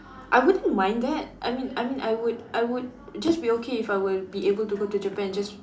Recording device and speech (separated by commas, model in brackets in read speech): standing microphone, conversation in separate rooms